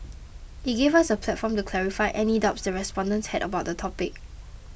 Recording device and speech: boundary microphone (BM630), read sentence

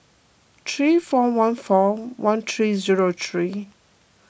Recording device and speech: boundary microphone (BM630), read sentence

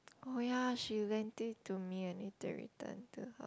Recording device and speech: close-talking microphone, conversation in the same room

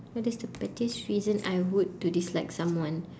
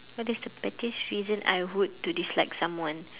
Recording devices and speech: standing microphone, telephone, conversation in separate rooms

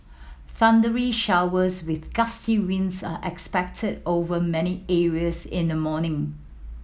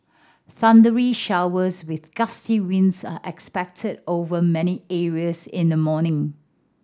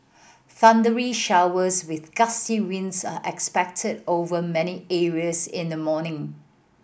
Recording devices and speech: mobile phone (iPhone 7), standing microphone (AKG C214), boundary microphone (BM630), read sentence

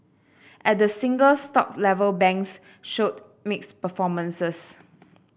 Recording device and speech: boundary microphone (BM630), read sentence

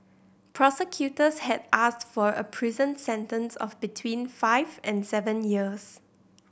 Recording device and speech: boundary microphone (BM630), read sentence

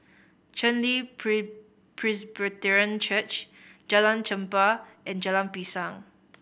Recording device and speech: boundary microphone (BM630), read sentence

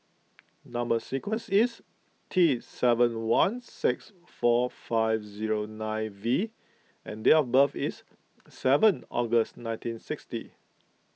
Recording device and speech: mobile phone (iPhone 6), read sentence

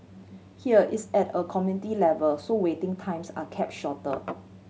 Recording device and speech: mobile phone (Samsung C7100), read sentence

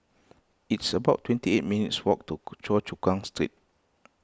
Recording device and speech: close-talking microphone (WH20), read sentence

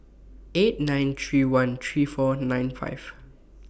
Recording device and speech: boundary microphone (BM630), read sentence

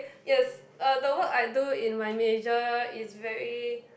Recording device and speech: boundary microphone, conversation in the same room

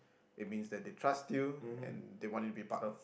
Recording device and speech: boundary microphone, conversation in the same room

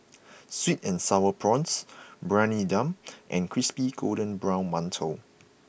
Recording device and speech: boundary microphone (BM630), read sentence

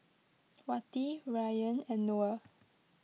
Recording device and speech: mobile phone (iPhone 6), read sentence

